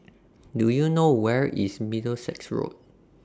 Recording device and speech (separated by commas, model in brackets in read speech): standing microphone (AKG C214), read sentence